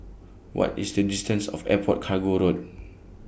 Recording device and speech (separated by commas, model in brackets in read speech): boundary microphone (BM630), read sentence